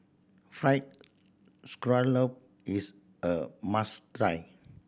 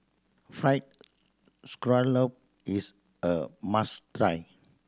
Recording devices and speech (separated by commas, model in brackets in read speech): boundary microphone (BM630), standing microphone (AKG C214), read sentence